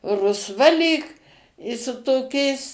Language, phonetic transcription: Lithuanian, rusˈva lyg i su toˈkiais

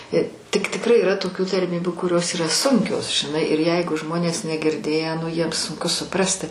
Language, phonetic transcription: Lithuanian, i tik tikˈrai yˈra toˈkių tarˈmybiu kuˈrios yˈra ˈsunkios žiˈnai ir ˈjeigu ˈžmonės negirˈdėję nu jiem sunˈku suˈprasti

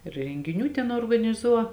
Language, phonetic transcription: Lithuanian, rengiˈnių ˈten organiˈzuo

